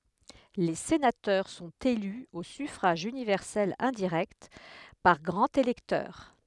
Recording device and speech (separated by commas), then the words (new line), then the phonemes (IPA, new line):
headset microphone, read sentence
Les sénateurs sont élus au suffrage universel indirect, par grands électeurs.
le senatœʁ sɔ̃t ely o syfʁaʒ ynivɛʁsɛl ɛ̃diʁɛkt paʁ ɡʁɑ̃z elɛktœʁ